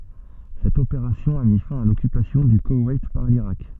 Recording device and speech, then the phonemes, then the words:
soft in-ear microphone, read sentence
sɛt opeʁasjɔ̃ a mi fɛ̃ a lɔkypasjɔ̃ dy kowɛjt paʁ liʁak
Cette opération a mis fin à l'occupation du Koweït par l'Irak.

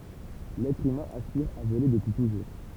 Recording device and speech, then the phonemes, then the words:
temple vibration pickup, read sentence
lɛtʁ ymɛ̃ aspiʁ a vole dəpyi tuʒuʁ
L'être humain aspire à voler depuis toujours.

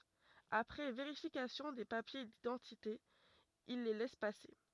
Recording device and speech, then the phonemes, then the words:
rigid in-ear microphone, read sentence
apʁɛ veʁifikasjɔ̃ de papje didɑ̃tite il le lɛs pase
Après vérification des papiers d’identité, ils les laissent passer.

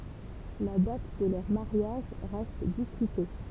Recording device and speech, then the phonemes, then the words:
temple vibration pickup, read sentence
la dat də lœʁ maʁjaʒ ʁɛst diskyte
La date de leur mariage reste discutée.

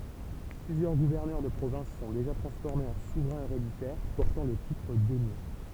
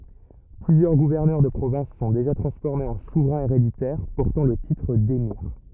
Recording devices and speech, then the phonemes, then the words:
temple vibration pickup, rigid in-ear microphone, read sentence
plyzjœʁ ɡuvɛʁnœʁ də pʁovɛ̃s sɔ̃ deʒa tʁɑ̃sfɔʁmez ɑ̃ suvʁɛ̃z eʁeditɛʁ pɔʁtɑ̃ lə titʁ demiʁ
Plusieurs gouverneurs de provinces sont déjà transformés en souverains héréditaires, portant le titre d'émir.

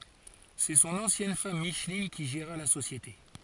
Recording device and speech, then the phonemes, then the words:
forehead accelerometer, read sentence
sɛ sɔ̃n ɑ̃sjɛn fam miʃlin ki ʒeʁa la sosjete
C'est son ancienne femme Micheline qui géra la société.

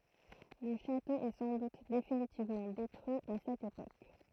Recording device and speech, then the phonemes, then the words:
throat microphone, read sentence
lə ʃato ɛ sɑ̃ dut definitivmɑ̃ detʁyi a sɛt epok
Le château est sans doute définitivement détruit à cette époque.

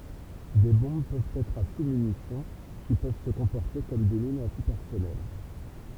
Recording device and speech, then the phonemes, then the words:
temple vibration pickup, read sentence
de bɔ̃b pøvt ɛtʁ a susmynisjɔ̃ ki pøv sə kɔ̃pɔʁte kɔm de minz ɑ̃tipɛʁsɔnɛl
Des bombes peuvent être à sous-munitions, qui peuvent se comporter comme des mines anti-personnel.

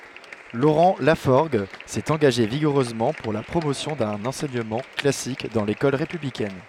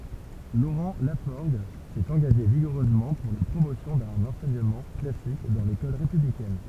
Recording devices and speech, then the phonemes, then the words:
headset microphone, temple vibration pickup, read sentence
loʁɑ̃ lafɔʁɡ sɛt ɑ̃ɡaʒe viɡuʁøzmɑ̃ puʁ la pʁomosjɔ̃ dœ̃n ɑ̃sɛɲəmɑ̃ klasik dɑ̃ lekɔl ʁepyblikɛn
Laurent Lafforgue s'est engagé vigoureusement pour la promotion d'un enseignement classique dans l'école républicaine.

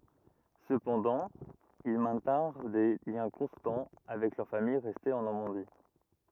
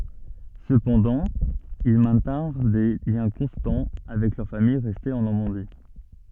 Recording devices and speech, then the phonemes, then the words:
rigid in-ear microphone, soft in-ear microphone, read sentence
səpɑ̃dɑ̃ il mɛ̃tɛ̃ʁ de ljɛ̃ kɔ̃stɑ̃ avɛk lœʁ famij ʁɛste ɑ̃ nɔʁmɑ̃di
Cependant, ils maintinrent des liens constants avec leur famille restée en Normandie.

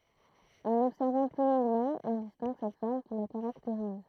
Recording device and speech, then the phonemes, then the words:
throat microphone, read sentence
ɑ̃n ɔbsɛʁvɑ̃ ply lɔ̃ɡmɑ̃ ɔ̃ distɛ̃ɡ sɛt fɔʁm ki la kaʁakteʁiz
En observant plus longuement, on distingue cette forme qui la caractérise.

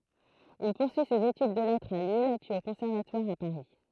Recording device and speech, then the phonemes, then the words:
throat microphone, read sentence
il puʁsyi sez etyd də lɛtʁz a lil pyiz o kɔ̃sɛʁvatwaʁ a paʁi
Il poursuit ses études de lettres à Lille, puis au Conservatoire à Paris.

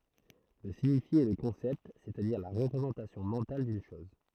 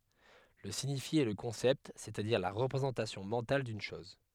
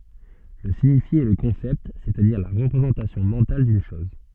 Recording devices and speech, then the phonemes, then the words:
throat microphone, headset microphone, soft in-ear microphone, read sentence
lə siɲifje ɛ lə kɔ̃sɛpt sɛstadiʁ la ʁəpʁezɑ̃tasjɔ̃ mɑ̃tal dyn ʃɔz
Le signifié est le concept, c'est-à-dire la représentation mentale d'une chose.

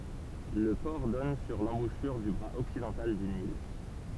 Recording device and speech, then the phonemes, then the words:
temple vibration pickup, read sentence
lə pɔʁ dɔn syʁ lɑ̃buʃyʁ dy bʁaz ɔksidɑ̃tal dy nil
Le port donne sur l'embouchure du bras occidental du Nil.

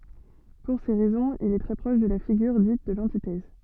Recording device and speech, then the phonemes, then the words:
soft in-ear microphone, read sentence
puʁ se ʁɛzɔ̃z il ɛ tʁɛ pʁɔʃ də la fiɡyʁ dit də lɑ̃titɛz
Pour ces raisons, il est très proche de la figure dite de l'antithèse.

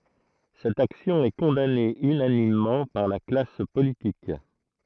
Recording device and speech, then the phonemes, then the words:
throat microphone, read sentence
sɛt aksjɔ̃ ɛ kɔ̃dane ynanimmɑ̃ paʁ la klas politik
Cette action est condamnée unanimement par la classe politique.

